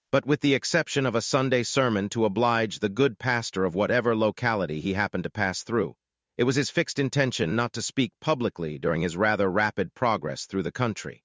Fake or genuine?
fake